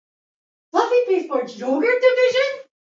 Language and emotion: English, surprised